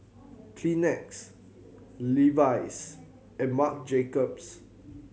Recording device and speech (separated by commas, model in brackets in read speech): mobile phone (Samsung C7100), read sentence